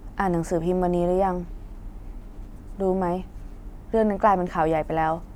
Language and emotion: Thai, neutral